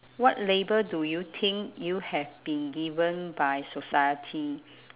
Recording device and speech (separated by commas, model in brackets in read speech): telephone, conversation in separate rooms